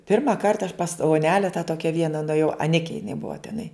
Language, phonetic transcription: Lithuanian, ˈpirma ˈkarta aš pas oˈnele tą ˈtokia ˈviena nueˈjau aˈnike jiˈnai ˈbuva teˈnai

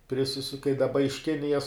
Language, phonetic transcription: Lithuanian, priˈsisu kai daˈba iš ˈkinijas

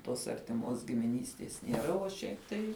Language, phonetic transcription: Lithuanian, tos artiˈmos gimiˈnystės nieˈra o ˈšiaip tai

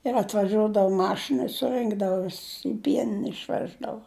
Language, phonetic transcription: Lithuanian, ir atvaˈžiuodavu ˈmašina i suˈrɨnkdavu ˈviss i ˈpienine išˈveždavo

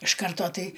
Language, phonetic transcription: Lithuanian, iš ˈkarto ˈtai

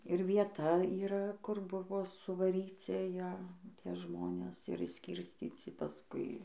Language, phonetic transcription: Lithuanian, ir vieˈta yˈra kur ˈbuvo suvaˈryci ˈjæ ˈtie ˈžmonės ir išˈskirscyci paˈskui

